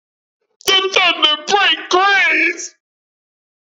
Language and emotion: English, fearful